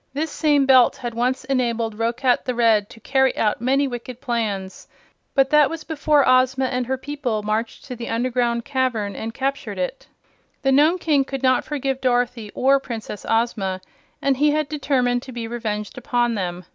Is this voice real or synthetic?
real